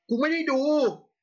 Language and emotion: Thai, angry